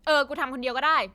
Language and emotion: Thai, frustrated